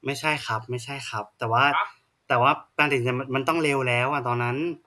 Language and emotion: Thai, frustrated